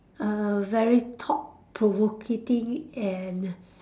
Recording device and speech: standing microphone, conversation in separate rooms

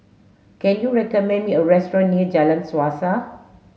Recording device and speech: mobile phone (Samsung S8), read sentence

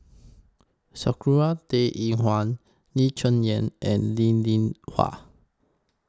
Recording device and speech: close-talking microphone (WH20), read sentence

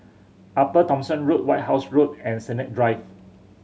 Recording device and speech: mobile phone (Samsung C7100), read sentence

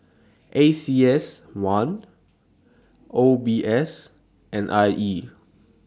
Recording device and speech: standing microphone (AKG C214), read sentence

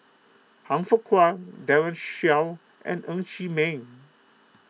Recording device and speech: mobile phone (iPhone 6), read sentence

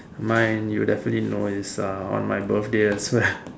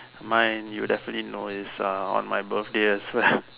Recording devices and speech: standing microphone, telephone, conversation in separate rooms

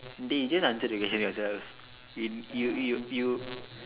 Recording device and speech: telephone, conversation in separate rooms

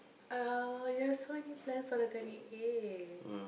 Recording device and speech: boundary microphone, conversation in the same room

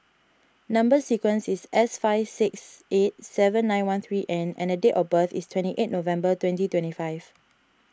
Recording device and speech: standing microphone (AKG C214), read sentence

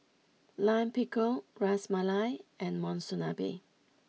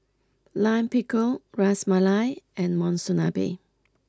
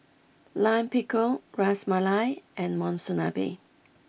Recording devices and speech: mobile phone (iPhone 6), close-talking microphone (WH20), boundary microphone (BM630), read sentence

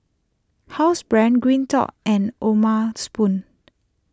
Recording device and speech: close-talking microphone (WH20), read sentence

